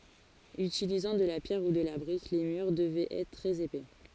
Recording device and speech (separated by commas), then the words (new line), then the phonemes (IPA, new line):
forehead accelerometer, read sentence
Utilisant de la pierre ou de la brique les murs devaient être très épais.
ytilizɑ̃ də la pjɛʁ u də la bʁik le myʁ dəvɛt ɛtʁ tʁɛz epɛ